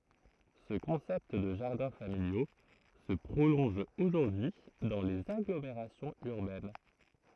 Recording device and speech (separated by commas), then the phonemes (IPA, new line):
throat microphone, read sentence
sə kɔ̃sɛpt də ʒaʁdɛ̃ familjo sə pʁolɔ̃ʒ oʒuʁdyi dɑ̃ lez aɡlomeʁasjɔ̃z yʁbɛn